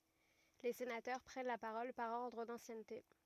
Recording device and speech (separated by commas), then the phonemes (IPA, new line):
rigid in-ear microphone, read sentence
le senatœʁ pʁɛn la paʁɔl paʁ ɔʁdʁ dɑ̃sjɛnte